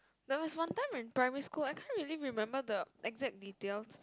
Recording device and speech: close-talking microphone, conversation in the same room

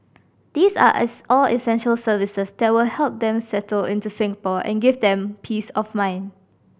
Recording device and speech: boundary microphone (BM630), read sentence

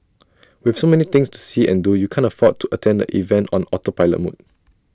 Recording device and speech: standing microphone (AKG C214), read sentence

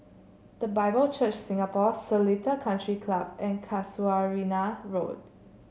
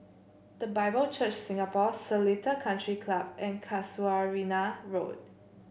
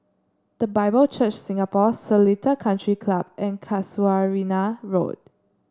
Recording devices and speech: mobile phone (Samsung C7), boundary microphone (BM630), standing microphone (AKG C214), read sentence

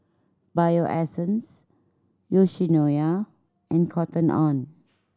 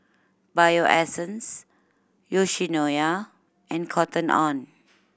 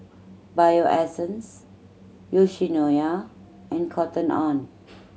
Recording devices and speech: standing microphone (AKG C214), boundary microphone (BM630), mobile phone (Samsung C7100), read sentence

